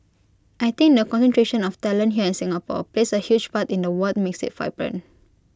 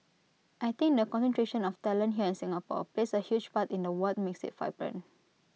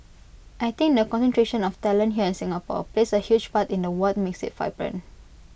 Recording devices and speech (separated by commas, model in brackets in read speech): close-talking microphone (WH20), mobile phone (iPhone 6), boundary microphone (BM630), read sentence